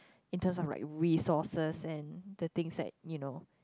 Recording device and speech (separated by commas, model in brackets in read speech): close-talking microphone, conversation in the same room